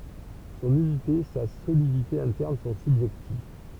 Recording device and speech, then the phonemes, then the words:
temple vibration pickup, read sentence
sɔ̃n ynite sa solidite ɛ̃tɛʁn sɔ̃ sybʒɛktiv
Son unité, sa solidité interne sont subjectives.

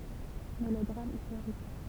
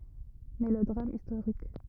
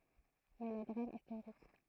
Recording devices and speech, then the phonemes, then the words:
temple vibration pickup, rigid in-ear microphone, throat microphone, read sentence
melodʁam istoʁik
Mélodrame historique.

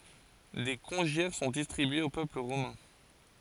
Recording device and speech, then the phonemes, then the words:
forehead accelerometer, read sentence
de kɔ̃ʒjɛʁ sɔ̃ distʁibyez o pøpl ʁomɛ̃
Des congiaires sont distribués au peuple romain.

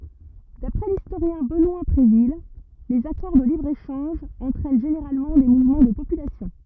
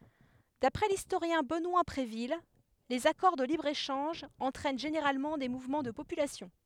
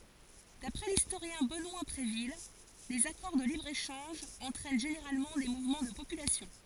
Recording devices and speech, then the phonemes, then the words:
rigid in-ear microphone, headset microphone, forehead accelerometer, read sentence
dapʁɛ listoʁjɛ̃ bənwa bʁevil lez akɔʁ də libʁ eʃɑ̃ʒ ɑ̃tʁɛn ʒeneʁalmɑ̃ de muvmɑ̃ də popylasjɔ̃
D'après l'historien Benoît Bréville, les accords de libre-échange entraînent généralement des mouvements de population.

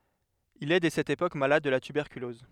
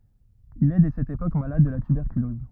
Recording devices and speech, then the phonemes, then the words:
headset microphone, rigid in-ear microphone, read sentence
il ɛ dɛ sɛt epok malad də la tybɛʁkylɔz
Il est dès cette époque malade de la tuberculose.

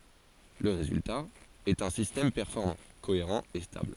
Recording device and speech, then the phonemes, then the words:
forehead accelerometer, read sentence
lə ʁezylta ɛt œ̃ sistɛm pɛʁfɔʁmɑ̃ koeʁɑ̃ e stabl
Le résultat est un système performant, cohérent et stable.

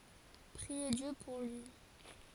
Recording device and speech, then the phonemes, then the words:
forehead accelerometer, read sentence
pʁie djø puʁ lyi
Priez Dieu pour lui.

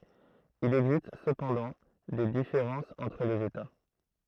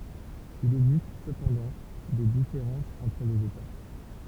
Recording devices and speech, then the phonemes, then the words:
throat microphone, temple vibration pickup, read sentence
il ɛɡzist səpɑ̃dɑ̃ de difeʁɑ̃sz ɑ̃tʁ lez eta
Il existe cependant des différences entre les États.

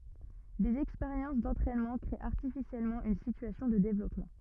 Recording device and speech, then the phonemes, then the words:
rigid in-ear microphone, read sentence
dez ɛkspeʁjɑ̃s dɑ̃tʁɛnmɑ̃ kʁee aʁtifisjɛlmɑ̃ yn sityasjɔ̃ də devlɔpmɑ̃
Des expériences d’entraînement créer artificiellement une situation de développement.

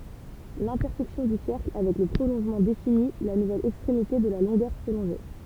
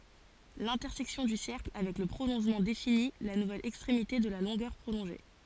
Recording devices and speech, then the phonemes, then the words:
temple vibration pickup, forehead accelerometer, read sentence
lɛ̃tɛʁsɛksjɔ̃ dy sɛʁkl avɛk lə pʁolɔ̃ʒmɑ̃ defini la nuvɛl ɛkstʁemite də la lɔ̃ɡœʁ pʁolɔ̃ʒe
L'intersection du cercle avec le prolongement définit la nouvelle extrémité de la longueur prolongée.

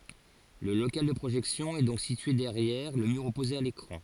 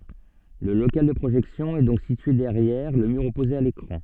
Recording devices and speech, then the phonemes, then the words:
forehead accelerometer, soft in-ear microphone, read sentence
lə lokal də pʁoʒɛksjɔ̃ ɛ dɔ̃k sitye dɛʁjɛʁ lə myʁ ɔpoze a lekʁɑ̃
Le local de projection est donc situé derrière le mur opposé à l'écran.

